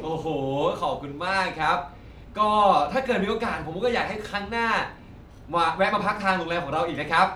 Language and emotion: Thai, happy